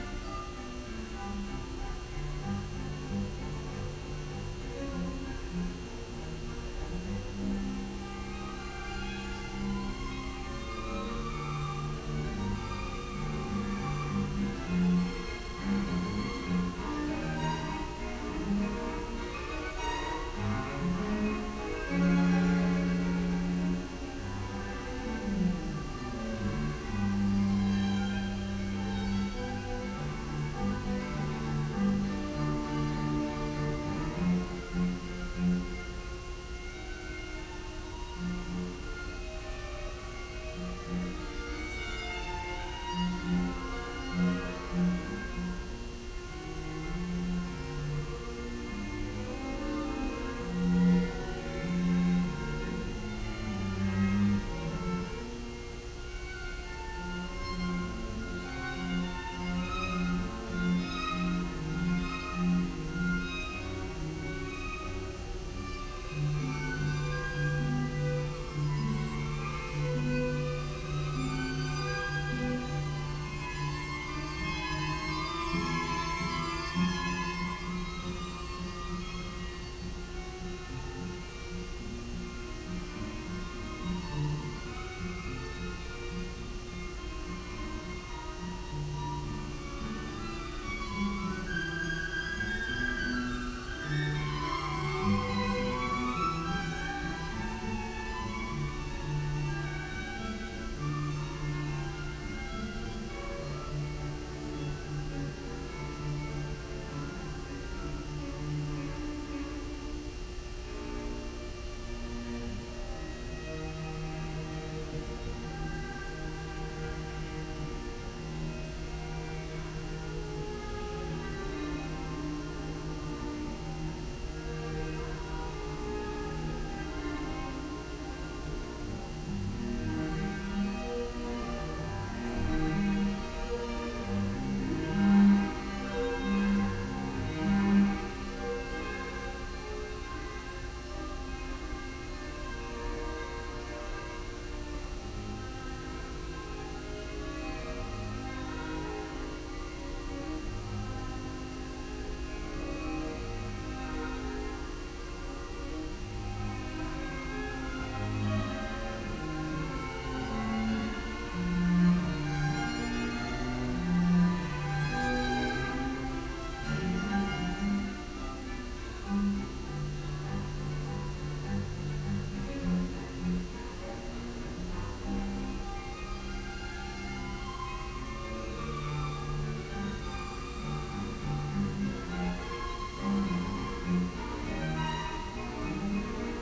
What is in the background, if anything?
Music.